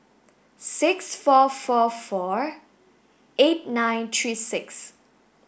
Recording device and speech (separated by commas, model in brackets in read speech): boundary microphone (BM630), read sentence